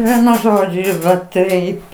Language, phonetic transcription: Lithuanian, ˈvienu ˈžodžiu ir va ˈtaip

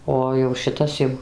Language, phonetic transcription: Lithuanian, ˈo jau šiˈtas jau

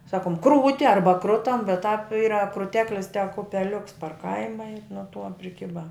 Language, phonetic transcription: Lithuanian, ˈsakom ˈkrūti ˈarba ˈkrutam bet tāp ˈyra kruˈteklis tek upeˈliuks par ˈkaima i nuo tuo priˈkiba

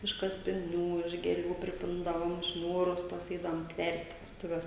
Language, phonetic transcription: Lithuanian, iš kaspiˈnių iš gėˈlių priˈpindavom ˈšniūrus tuos ˈeidavom ˈtvert' vestuˈves

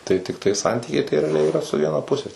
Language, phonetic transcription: Lithuanian, tai tikˈtai ˈsantykiai tai reaˈliai iˈra su ˈviena ˈpuse

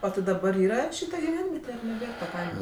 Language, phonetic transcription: Lithuanian, o ti daˈbar ˈyra ˈšyta giˈvenviete ar neˈbėr ta ˈkaima

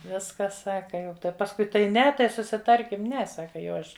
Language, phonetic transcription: Lithuanian, ˈviskas ˈsaka ˈjau ˈtai pasˈkui tai ˈne tai susiˈtarkim ˈne ˈsaka jau ˈaš

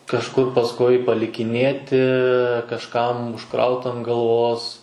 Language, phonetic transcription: Lithuanian, kažˈkur pasˈkui palikiˈnėti kažˈkam užˈkraut an galˈvos

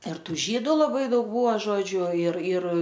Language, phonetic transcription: Lithuanian, ir ˈtų ˈžydu laˈbai ˈdaug ˈbūva ˈžodžiu ir ir

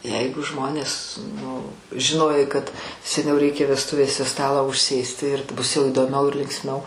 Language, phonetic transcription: Lithuanian, ˈjeigu ˈžmonės nu žiˈnojai kad seˈniau reiˈkė vesˈtuvėse ˈstalą užˈsėsti ir ˈbus jau įdoˈmiau ir linksˈmiau

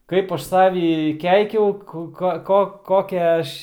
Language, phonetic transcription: Lithuanian, ˈkaip ˈaš ˈsavi ˈkeikiau ˈku ˈko ˈko ˈkokią ˈaš

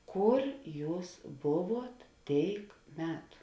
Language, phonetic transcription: Lithuanian, ˈkur ˈjūs ˈbuˌvuot ˈtėik ˈmetu

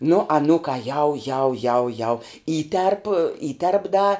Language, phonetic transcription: Lithuanian, nu aˈnūkā jau jau jau jau ˈįterp ˈįterp da

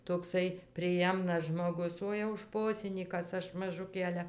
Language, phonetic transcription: Lithuanian, tokˈsai priˈjemnas žmoˈgus ˈo jau ˈšposinykas ˈaš maˈžukė ˈale

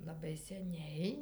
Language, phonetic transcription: Lithuanian, laˈbai seˈniai

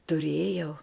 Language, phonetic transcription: Lithuanian, tuˈrėjau

